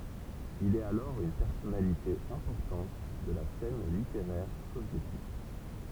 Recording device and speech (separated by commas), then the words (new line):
temple vibration pickup, read sentence
Il est alors une personnalité importante de la scène littéraire soviétique.